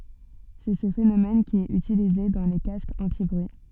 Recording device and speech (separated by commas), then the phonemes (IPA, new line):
soft in-ear microphone, read sentence
sɛ sə fenomɛn ki ɛt ytilize dɑ̃ le kaskz ɑ̃tibʁyi